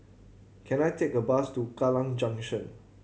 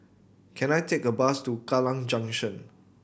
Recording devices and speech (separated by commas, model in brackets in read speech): mobile phone (Samsung C7100), boundary microphone (BM630), read sentence